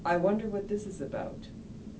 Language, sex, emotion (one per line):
English
female
neutral